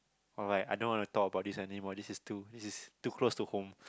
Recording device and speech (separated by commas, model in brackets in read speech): close-talking microphone, conversation in the same room